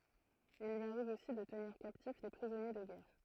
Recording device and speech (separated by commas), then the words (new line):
throat microphone, read sentence
Il lui arrive aussi de tenir captifs des prisonniers de guerre.